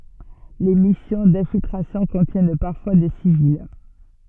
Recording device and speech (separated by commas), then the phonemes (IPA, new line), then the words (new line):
soft in-ear microphone, read sentence
le misjɔ̃ dɛ̃filtʁasjɔ̃ kɔ̃tjɛn paʁfwa de sivil
Les missions d'infiltration contiennent parfois des civils.